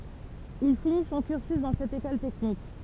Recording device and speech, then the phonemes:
temple vibration pickup, read sentence
il fini sɔ̃ kyʁsy dɑ̃ sɛt ekɔl tɛknik

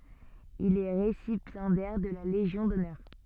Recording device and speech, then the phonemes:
soft in-ear microphone, read sentence
il ɛ ʁesipjɑ̃dɛʁ də la leʒjɔ̃ dɔnœʁ

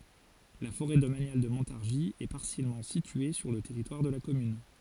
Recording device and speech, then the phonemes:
forehead accelerometer, read sentence
la foʁɛ domanjal də mɔ̃taʁʒi ɛ paʁsjɛlmɑ̃ sitye syʁ lə tɛʁitwaʁ də la kɔmyn

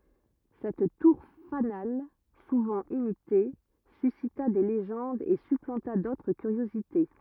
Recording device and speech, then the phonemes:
rigid in-ear microphone, read sentence
sɛt tuʁ fanal suvɑ̃ imite sysita de leʒɑ̃dz e syplɑ̃ta dotʁ kyʁjozite

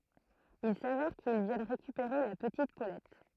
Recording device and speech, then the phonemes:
throat microphone, read sentence
il savɛʁ kil vjɛn ʁekypeʁe la pətit polɛt

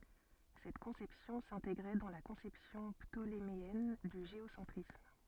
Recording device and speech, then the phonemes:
soft in-ear microphone, read sentence
sɛt kɔ̃sɛpsjɔ̃ sɛ̃teɡʁɛ dɑ̃ la kɔ̃sɛpsjɔ̃ ptolemeɛn dy ʒeosɑ̃tʁism

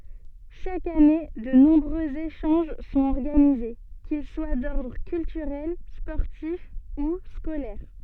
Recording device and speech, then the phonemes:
soft in-ear microphone, read sentence
ʃak ane də nɔ̃bʁøz eʃɑ̃ʒ sɔ̃t ɔʁɡanize kil swa dɔʁdʁ kyltyʁɛl spɔʁtif u skolɛʁ

